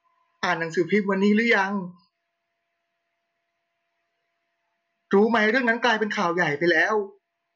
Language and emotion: Thai, sad